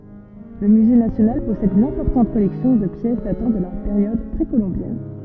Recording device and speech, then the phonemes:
soft in-ear microphone, read sentence
lə myze nasjonal pɔsɛd yn ɛ̃pɔʁtɑ̃t kɔlɛksjɔ̃ də pjɛs datɑ̃ də la peʁjɔd pʁekolɔ̃bjɛn

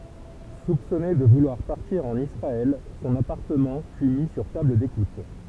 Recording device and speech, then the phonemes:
temple vibration pickup, read sentence
supsɔne də vulwaʁ paʁtiʁ ɑ̃n isʁaɛl sɔ̃n apaʁtəmɑ̃ fy mi syʁ tabl dekut

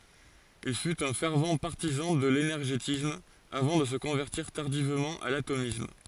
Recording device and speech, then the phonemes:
forehead accelerometer, read sentence
il fyt œ̃ fɛʁv paʁtizɑ̃ də lenɛʁʒetism avɑ̃ də sə kɔ̃vɛʁtiʁ taʁdivmɑ̃ a latomism

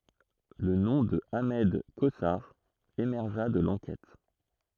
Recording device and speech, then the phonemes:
throat microphone, read sentence
lə nɔ̃ də aʁmɛd kozaʁ emɛʁʒa də lɑ̃kɛt

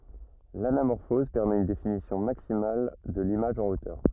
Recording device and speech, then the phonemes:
rigid in-ear microphone, read sentence
lanamɔʁfɔz pɛʁmɛt yn definisjɔ̃ maksimal də limaʒ ɑ̃ otœʁ

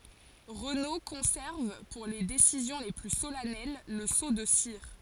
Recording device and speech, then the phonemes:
forehead accelerometer, read sentence
ʁəno kɔ̃sɛʁv puʁ le desizjɔ̃ le ply solɛnɛl lə so də siʁ

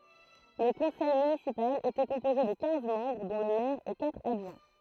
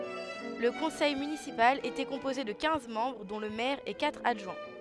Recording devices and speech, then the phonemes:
throat microphone, headset microphone, read sentence
lə kɔ̃sɛj mynisipal etɛ kɔ̃poze də kɛ̃z mɑ̃bʁ dɔ̃ lə mɛʁ e katʁ adʒwɛ̃

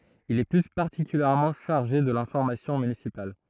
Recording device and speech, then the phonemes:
throat microphone, read sentence
il ɛ ply paʁtikyljɛʁmɑ̃ ʃaʁʒe də lɛ̃fɔʁmasjɔ̃ mynisipal

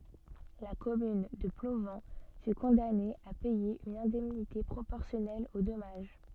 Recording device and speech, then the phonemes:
soft in-ear microphone, read sentence
la kɔmyn də plovɑ̃ fy kɔ̃dane a pɛje yn ɛ̃dɛmnite pʁopɔʁsjɔnɛl o dɔmaʒ

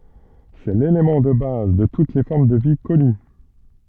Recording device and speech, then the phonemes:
soft in-ear microphone, read sentence
sɛ lelemɑ̃ də baz də tut le fɔʁm də vi kɔny

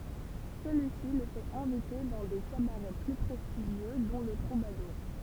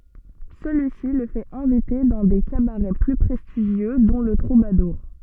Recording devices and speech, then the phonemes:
temple vibration pickup, soft in-ear microphone, read sentence
səlyisi lə fɛt ɛ̃vite dɑ̃ de kabaʁɛ ply pʁɛstiʒjø dɔ̃ lə tʁubaduʁ

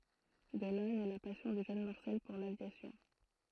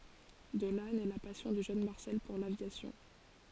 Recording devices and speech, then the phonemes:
throat microphone, forehead accelerometer, read sentence
də la nɛ la pasjɔ̃ dy ʒøn maʁsɛl puʁ lavjasjɔ̃

